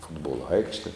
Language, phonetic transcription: Lithuanian, ˈfutbolo ˈaikšte

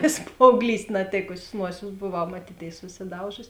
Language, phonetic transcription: Lithuanian, vės paaugˈlyst' naˈtėkusės ˈnuosės boˈvau maˈtytėis susiˈdaužusi

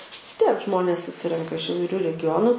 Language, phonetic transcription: Lithuanian, vis ˈtiek ˈžmonės suˈsirenka iš įvaiˈriu regiˈjonu

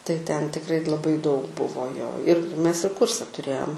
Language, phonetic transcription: Lithuanian, tai ten tikˈrai laˈbai daug ˈbuvo jo ir ˈmes ir ˈkūrse tuˈrėjom

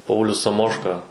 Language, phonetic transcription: Lithuanian, ˈpaulius saˈmoška

